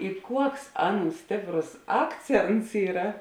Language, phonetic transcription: Lithuanian, i ˈkuoks ˈaˌnų ˈstėpˌros ˈakˌcėnts ˈyra

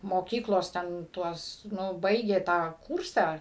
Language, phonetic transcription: Lithuanian, moˈkyklos ten ˈtuos ˈnu ˈbaigė tą ˈkūrsą

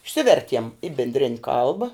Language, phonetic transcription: Lithuanian, išˈsivertiem i binˈdrin' ˈkalba

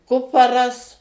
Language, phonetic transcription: Lithuanian, ˈkuparas

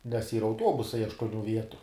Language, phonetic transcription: Lithuanian, nes ˈyra auˈtuobusai aštuoˈnių ˈvietu

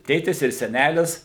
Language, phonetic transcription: Lithuanian, ˈtėtis ir seˈnælis

